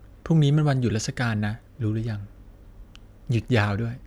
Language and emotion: Thai, frustrated